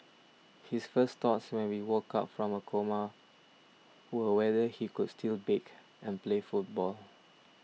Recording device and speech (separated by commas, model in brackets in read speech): mobile phone (iPhone 6), read sentence